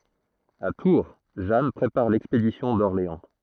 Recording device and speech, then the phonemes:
throat microphone, read sentence
a tuʁ ʒan pʁepaʁ lɛkspedisjɔ̃ dɔʁleɑ̃

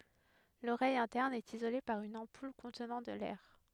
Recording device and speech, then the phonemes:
headset microphone, read sentence
loʁɛj ɛ̃tɛʁn ɛt izole paʁ yn ɑ̃pul kɔ̃tnɑ̃ də lɛʁ

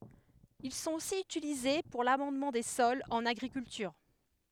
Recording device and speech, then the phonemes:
headset microphone, read sentence
il sɔ̃t osi ytilize puʁ lamɑ̃dmɑ̃ de sɔlz ɑ̃n aɡʁikyltyʁ

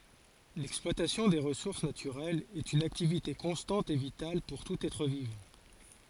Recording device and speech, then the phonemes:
forehead accelerometer, read sentence
lɛksplwatasjɔ̃ de ʁəsuʁs natyʁɛlz ɛt yn aktivite kɔ̃stɑ̃t e vital puʁ tut ɛtʁ vivɑ̃

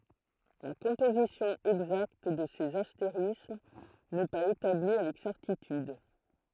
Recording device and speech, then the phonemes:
throat microphone, read sentence
la kɔ̃pozisjɔ̃ ɛɡzakt də sez asteʁism nɛ paz etabli avɛk sɛʁtityd

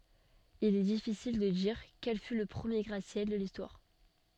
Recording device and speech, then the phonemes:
soft in-ear microphone, read sentence
il ɛ difisil də diʁ kɛl fy lə pʁəmje ɡʁatəsjɛl də listwaʁ

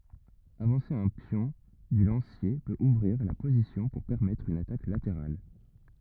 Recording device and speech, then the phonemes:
rigid in-ear microphone, read sentence
avɑ̃se œ̃ pjɔ̃ dy lɑ̃sje pøt uvʁiʁ la pozisjɔ̃ puʁ pɛʁmɛtʁ yn atak lateʁal

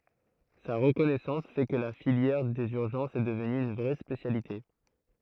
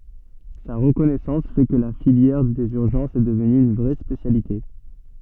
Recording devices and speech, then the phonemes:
throat microphone, soft in-ear microphone, read sentence
sa ʁəkɔnɛsɑ̃s fɛ kə la filjɛʁ dez yʁʒɑ̃sz ɛ dəvny yn vʁɛ spesjalite

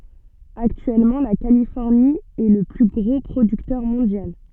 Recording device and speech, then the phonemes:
soft in-ear microphone, read sentence
aktyɛlmɑ̃ la kalifɔʁni ɛ lə ply ɡʁo pʁodyktœʁ mɔ̃djal

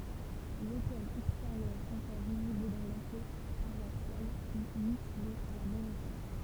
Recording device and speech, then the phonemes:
temple vibration pickup, read sentence
lotɛl ɛksteʁjœʁ ɑ̃kɔʁ vizibl dɑ̃ lɑ̃klo paʁwasjal fy mytile a la mɛm epok

